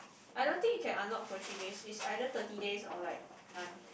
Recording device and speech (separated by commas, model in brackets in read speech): boundary microphone, conversation in the same room